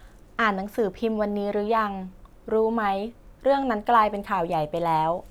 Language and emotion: Thai, neutral